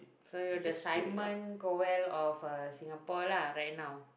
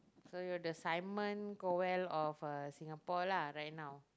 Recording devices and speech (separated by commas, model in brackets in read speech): boundary microphone, close-talking microphone, conversation in the same room